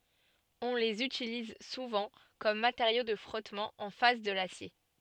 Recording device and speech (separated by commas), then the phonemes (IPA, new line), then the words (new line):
soft in-ear microphone, read sentence
ɔ̃ lez ytiliz suvɑ̃ kɔm mateʁjo də fʁɔtmɑ̃ ɑ̃ fas də lasje
On les utilise souvent comme matériau de frottement en face de l'acier.